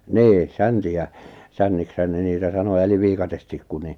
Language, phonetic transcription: Finnish, 'nii , 'sänti₍ä , 'sännikshän ne niitä 'sano eliv 'viikatestikku ni ,.
- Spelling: niin säntiä sänniksihän ne niitä sanoi eli viikatetikku niin

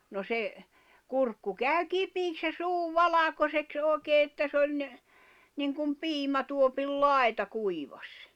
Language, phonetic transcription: Finnish, no se , 'kurkku 'kä̀y "kipiiks ja 'suu "valakoseks '’òi̬kee että 's ‿oĺ ‿n- , niŋkum "piimätuopil "lài̬ta 'kuivaś .
- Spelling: no se kurkku kävi kipeäksi ja suu valkoiseksi oikein että se oli - niin kuin piimätuopin laita kuivasi

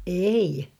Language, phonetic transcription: Finnish, ei .
- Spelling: ei

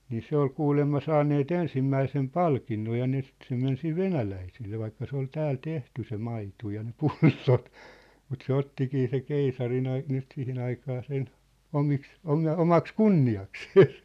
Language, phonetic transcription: Finnish, nii 'se ‿ol 'kuulemma 'saanneet "ensimmäisem "palkinnoj ja ne sĭt se men 'siv "venäläiselle 'vaikka 'se ‿ol "tääl "tehty se "maitu ja ne "pullot , mut se "ottikii se "keisarin ‿ai- , nyt 'sihin ‿aikaa 'sen , "omiks , 'oma- "omaks "kunni₍aksees .
- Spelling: niin se oli kuulemma saaneet ensimmäisen palkinnon ja ne sitten se meni sitten venäläiselle vaikka se oli täällä tehty se maito ja ne pullot mutta se ottikin se keisarin - nyt siihen aikaan sen omiksi - omaksi kunniakseen

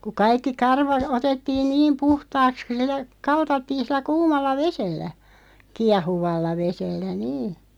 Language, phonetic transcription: Finnish, ku 'kaikki 'karva , 'otettiin "niim 'puhtaaks (ku) sil̆lä 'kaltattiin̬ 'sillä "kuumalla "vesellä , 'kiahuvalla 'vesellä "nii .
- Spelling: kun kaikki karva otettiin niin puhtaaksi kun sillä kaltattiin sillä kuumalla vedellä kiehuvalla vedellä niin

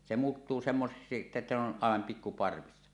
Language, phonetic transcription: Finnish, se 'muuttuu semmoseksi että ne ‿on , àevam 'pikku 'parvissa .
- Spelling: se muuttuu semmoiseksi että ne on aivan pikku parvissa

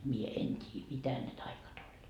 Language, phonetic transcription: Finnish, mie "en 't́ii "mitä ne taikat oĺ .
- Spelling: minä en tiedä mitä ne taiat oli

